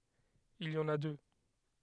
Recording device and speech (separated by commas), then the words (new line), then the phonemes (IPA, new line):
headset microphone, read sentence
Il y en a deux.
il i ɑ̃n a dø